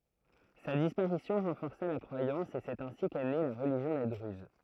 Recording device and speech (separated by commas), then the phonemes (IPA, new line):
throat microphone, read sentence
sa dispaʁisjɔ̃ ʁɑ̃fɔʁsa la kʁwajɑ̃s e sɛt ɛ̃si kɛ ne la ʁəliʒjɔ̃ de dʁyz